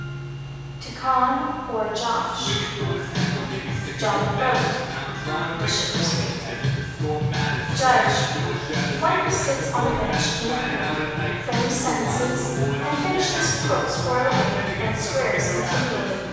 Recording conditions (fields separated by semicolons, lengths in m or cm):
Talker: one person; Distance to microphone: 7.1 m; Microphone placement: far; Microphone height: 1.7 m; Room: very reverberant, large; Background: music